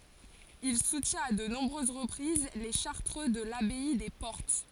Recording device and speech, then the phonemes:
forehead accelerometer, read sentence
il sutjɛ̃t a də nɔ̃bʁøz ʁəpʁiz le ʃaʁtʁø də labɛi de pɔʁt

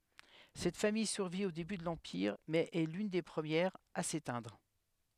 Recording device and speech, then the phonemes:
headset microphone, read sentence
sɛt famij syʁvi o deby də lɑ̃piʁ mɛz ɛ lyn de pʁəmjɛʁz a setɛ̃dʁ

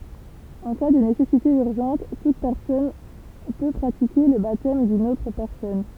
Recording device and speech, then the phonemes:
temple vibration pickup, read sentence
ɑ̃ ka də nesɛsite yʁʒɑ̃t tut pɛʁsɔn pø pʁatike lə batɛm dyn otʁ pɛʁsɔn

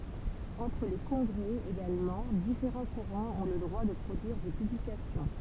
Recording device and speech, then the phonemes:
temple vibration pickup, read sentence
ɑ̃tʁ le kɔ̃ɡʁɛ eɡalmɑ̃ difeʁɑ̃ kuʁɑ̃z ɔ̃ lə dʁwa də pʁodyiʁ de pyblikasjɔ̃

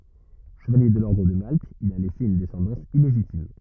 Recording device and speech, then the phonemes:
rigid in-ear microphone, read sentence
ʃəvalje də lɔʁdʁ də malt il a lɛse yn dɛsɑ̃dɑ̃s ileʒitim

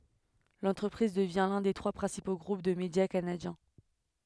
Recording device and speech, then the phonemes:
headset microphone, read sentence
lɑ̃tʁəpʁiz dəvjɛ̃ lœ̃ de tʁwa pʁɛ̃sipo ɡʁup də medja kanadjɛ̃

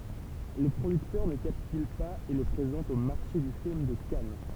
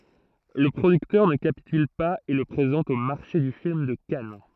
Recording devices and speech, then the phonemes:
temple vibration pickup, throat microphone, read sentence
lə pʁodyktœʁ nə kapityl paz e lə pʁezɑ̃t o maʁʃe dy film də kan

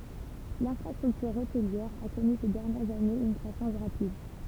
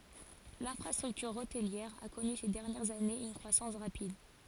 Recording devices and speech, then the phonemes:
temple vibration pickup, forehead accelerometer, read sentence
lɛ̃fʁastʁyktyʁ otliɛʁ a kɔny se dɛʁnjɛʁz anez yn kʁwasɑ̃s ʁapid

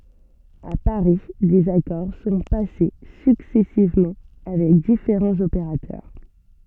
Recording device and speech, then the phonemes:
soft in-ear microphone, read sentence
a paʁi dez akɔʁ sɔ̃ pase syksɛsivmɑ̃ avɛk difeʁɑ̃z opeʁatœʁ

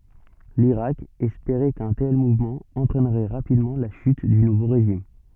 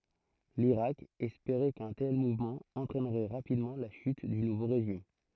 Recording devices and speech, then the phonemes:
soft in-ear microphone, throat microphone, read sentence
liʁak ɛspeʁɛ kœ̃ tɛl muvmɑ̃ ɑ̃tʁɛnʁɛ ʁapidmɑ̃ la ʃyt dy nuvo ʁeʒim

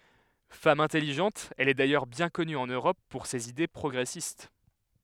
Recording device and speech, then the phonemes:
headset microphone, read sentence
fam ɛ̃tɛliʒɑ̃t ɛl ɛ dajœʁ bjɛ̃ kɔny ɑ̃n øʁɔp puʁ sez ide pʁɔɡʁɛsist

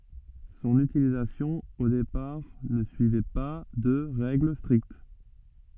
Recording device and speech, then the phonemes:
soft in-ear microphone, read sentence
sɔ̃n ytilizasjɔ̃ o depaʁ nə syivɛ pa də ʁɛɡl stʁikt

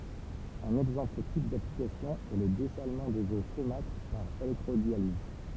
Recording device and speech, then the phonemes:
temple vibration pickup, read sentence
œ̃n ɛɡzɑ̃pl tip daplikasjɔ̃ ɛ lə dɛsalmɑ̃ dez o somatʁ paʁ elɛktʁodjaliz

